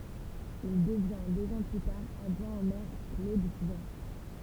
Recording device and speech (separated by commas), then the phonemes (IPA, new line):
temple vibration pickup, read sentence
il dəvjɛ̃ døz ɑ̃ ply taʁ adʒwɛ̃ o mɛʁ klod vjɔ̃